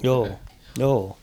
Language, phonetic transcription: Finnish, 'joo , 'joo .
- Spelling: joo joo

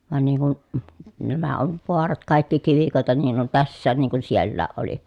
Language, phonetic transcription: Finnish, van niiŋ kun , nämä ov voarat kàikki kivikòeta niin ‿on tässään niiŋ kun siellääʼ ʼoli .
- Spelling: vaan niin kun nämä on vaarat kaikki kivikoita niin on tässäkin niin kuin sielläkin oli

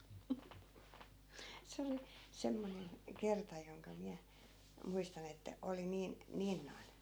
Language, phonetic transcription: Finnish, 'se oli , 'semmonen , "kerta joŋka 'miä , 'muistan ‿että , 'oli niin , "niin noi̮n .
- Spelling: se oli semmoinen kerta jonka minä muistan että oli niin niin noin

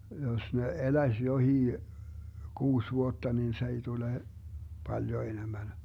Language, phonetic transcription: Finnish, jos ne "eläⁱs 'johii , 'kuus 'vuotta nin 's ‿ei 'tule , 'paljo 'enemmän .
- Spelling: jos ne eläisi jokin kuusi vuotta niin se ei tule paljon enemmän

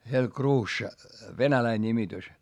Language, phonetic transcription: Finnish, (se ol) kruušša , venäläi ńimitys .
- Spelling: se oli kruussa venäläinen nimitys

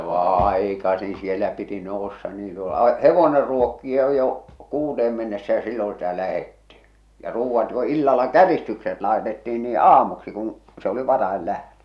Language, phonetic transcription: Finnish, 'Aikasin̬ siel̆lä piti nouss̳a niin se ol "hevoner ruokkia jo , "kuuteem mennessä ja 'silloo̰ sitä 'lähettɪ , ja 'ruuvvat jo 'illalla "käristykset 'laetettiin nii "aamuksi kuṵ , se oli 'varael lähtö .
- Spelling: aikaisin siellä piti nousta niin se oli hevonen ruokkia jo kuuteen mennessä ja silloin sitä lähdettiin ja ruuat jo illalla käristykset laitettiin niin aamuksi kun se oli varhain lähtö

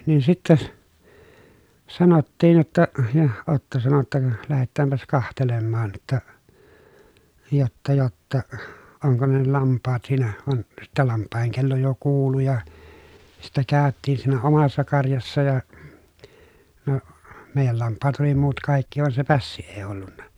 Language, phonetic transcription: Finnish, niin sittäs , sanottiin̬ jotta , ja Otto sano ‿tta » ka , lähettäämpäs kahtelemmaan [j]otta , jotta jotta , oŋko ne ne lamppaat siinä » van , sittä lamppàeheŋ kello jo kuulu ja , sittä kä̀öttiin siinä omassa karjassa ja , no , mèijäl lamppaat oli muut kàikki van se pässi èi ollunna .
- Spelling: niin sitten sanottiin jotta ja Otto sanoi jotta ka lähetäänpäs katselemaan jotta jotta jotta onko ne ne lampaat siinä vaan sitten lampaiden kello jo kuului ja sitten käytiin siinä omassa karjassa ja no meidän lampaat oli muut kaikki vaan se pässi ei ollut

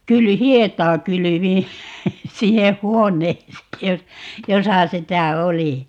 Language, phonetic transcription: Finnish, 'kyl - "hiet̀aa 'kylyviḭ , 'sinneh̆ "huoǹeesee , 'jos- , 'josa 'sitä 'oli .
- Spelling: - hietaa kylvin sinne huoneeseen - jossa sitä oli

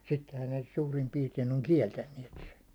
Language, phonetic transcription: Finnish, sittehän ne 'suurim piirtein oŋ "kieltänniɛt sen̬ .
- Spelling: sittenhän ne suurin piirtein on kieltäneet sen

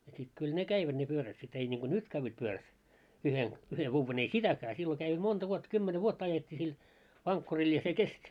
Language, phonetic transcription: Finnish, ja sit 'kyl 'ne "käiväᴅ ne 'pyörät sit ei niŋɢo "nyt kävvät 'pyörät , 'yhen , yhe 'vuuven ‿ei "sitäkää sillo käi , 'monta vuottᵃ 'kymmene "vuotta ajet́t́ii sil , 'vaŋkkuril ja se "kest́ .
- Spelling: ja sitten kyllä ne kävivät ne pyörät sitten ei niin kuin nyt käyvät pyörät yhden yhden vuoden ei sitäkään silloin kävi monta vuotta kymmenen vuotta ajettiin sillä vankkurilla ja se kesti

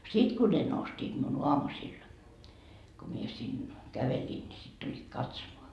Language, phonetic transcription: Finnish, 'sit ku ne 'nostiit miun "oamusil , ko mie sin , 'käveliin ni sit tuĺĺiit "katsomoa .
- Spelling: sitten kun ne nostivat minun aamusilla kun minä sinne kävelin niin sitten tulivat katsomaan

